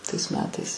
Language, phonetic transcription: Lithuanian, tais ˈmetais

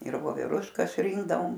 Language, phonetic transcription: Lithuanian, ir voveˈruškas ˈrinkdavom

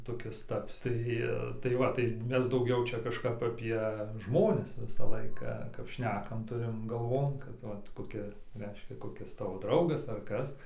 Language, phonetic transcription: Lithuanian, toˈkis ˈtapsi ˈtai tai ˈva tai ˈmes dauˈgiau ˈčia kažˈkap aˈpie ˈžmonis ˈvisa ˈlaika kap ˈšnekam ˈturim gaˈlvon kad ˈva koˈki ˈreiškia koˈkis ˈtavo ˈdraugas ar ˈkas

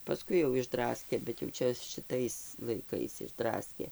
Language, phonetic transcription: Lithuanian, paˈskui jau išˈdraskė bet jau ˈčia šiˈtais laiˈkais išˈdraskė

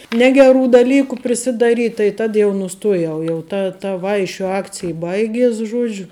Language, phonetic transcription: Lithuanian, ˈnegeˌrų daˈlyku prisidaˈryt' tai ˈtad jau nuˈstuojau jau ˈta ta ˈvaišiu ˈakcij ˈbaigies ˈžuodžiu

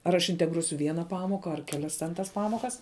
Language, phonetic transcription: Lithuanian, ar aš integˈruosiu ˈviena ˈpamoka ar keˈlias ten tas ˈpamokas

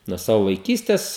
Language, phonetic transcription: Lithuanian, nuo ˈsavu vaiˈkystes

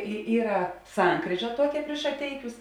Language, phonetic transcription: Lithuanian, i ˈyra ˈsankryža ˈtuokia priš šaˈteikius

